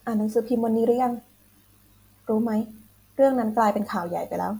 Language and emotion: Thai, neutral